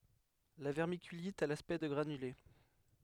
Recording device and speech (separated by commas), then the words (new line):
headset microphone, read sentence
La vermiculite a l’aspect de granulés.